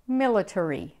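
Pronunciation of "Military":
'Military' is said with an American accent, pronounced mil-a-ter-e.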